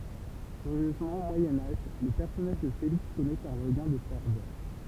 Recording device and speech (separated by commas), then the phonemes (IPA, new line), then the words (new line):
temple vibration pickup, read sentence
kyʁjøzmɑ̃ o mwajɛ̃ aʒ lə pɛʁsɔnaʒ də feliks kɔnɛt œ̃ ʁəɡɛ̃ də fɛʁvœʁ
Curieusement au Moyen Âge le personnage de Félix connaît un regain de ferveur.